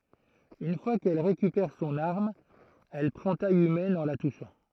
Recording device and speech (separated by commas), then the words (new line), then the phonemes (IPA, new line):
throat microphone, read sentence
Une fois qu'elle récupère son arme, elle prend taille humaine en la touchant.
yn fwa kɛl ʁekypɛʁ sɔ̃n aʁm ɛl pʁɑ̃ taj ymɛn ɑ̃ la tuʃɑ̃